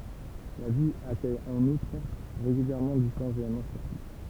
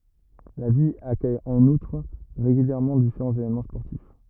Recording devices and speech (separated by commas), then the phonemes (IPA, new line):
temple vibration pickup, rigid in-ear microphone, read sentence
la vil akœj ɑ̃n utʁ ʁeɡyljɛʁmɑ̃ difeʁɑ̃z evenmɑ̃ spɔʁtif